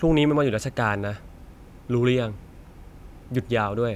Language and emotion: Thai, neutral